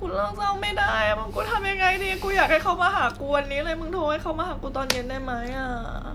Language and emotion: Thai, sad